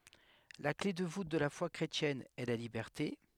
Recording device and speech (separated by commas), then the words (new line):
headset microphone, read sentence
La clef de voûte de la foi chrétienne est la liberté.